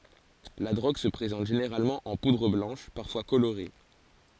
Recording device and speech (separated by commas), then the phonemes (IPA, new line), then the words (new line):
forehead accelerometer, read sentence
la dʁoɡ sə pʁezɑ̃t ʒeneʁalmɑ̃ ɑ̃ pudʁ blɑ̃ʃ paʁfwa koloʁe
La drogue se présente généralement en poudre blanche, parfois colorée.